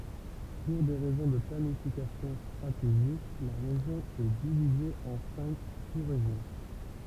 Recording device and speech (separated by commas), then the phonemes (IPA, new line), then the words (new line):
temple vibration pickup, read sentence
puʁ de ʁɛzɔ̃ də planifikasjɔ̃ stʁateʒik la ʁeʒjɔ̃ ɛ divize ɑ̃ sɛ̃k susʁeʒjɔ̃
Pour des raisons de planification stratégique, la région est divisée en cinq sous-régions.